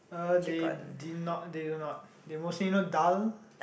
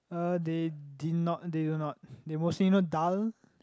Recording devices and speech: boundary microphone, close-talking microphone, conversation in the same room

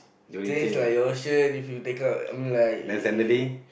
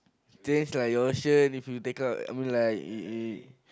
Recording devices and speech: boundary microphone, close-talking microphone, conversation in the same room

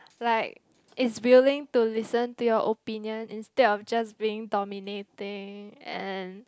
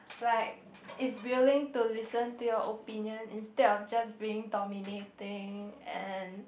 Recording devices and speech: close-talking microphone, boundary microphone, conversation in the same room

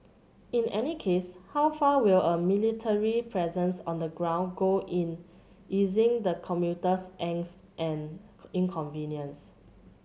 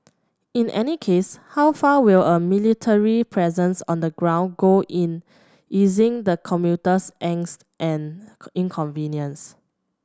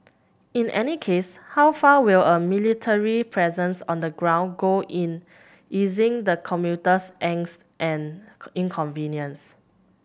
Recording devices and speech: mobile phone (Samsung C7100), standing microphone (AKG C214), boundary microphone (BM630), read sentence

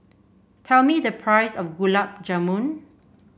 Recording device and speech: boundary microphone (BM630), read sentence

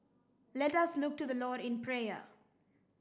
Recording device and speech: standing microphone (AKG C214), read sentence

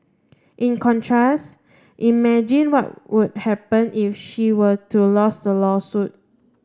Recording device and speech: standing microphone (AKG C214), read sentence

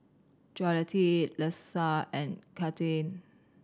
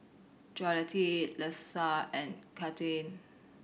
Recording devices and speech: standing microphone (AKG C214), boundary microphone (BM630), read sentence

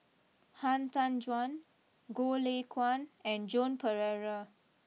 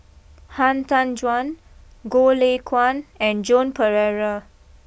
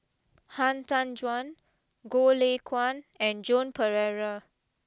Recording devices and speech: mobile phone (iPhone 6), boundary microphone (BM630), close-talking microphone (WH20), read sentence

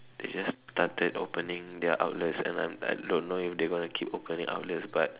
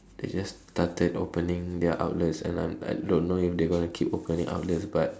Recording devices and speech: telephone, standing microphone, conversation in separate rooms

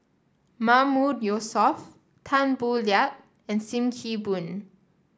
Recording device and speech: standing microphone (AKG C214), read sentence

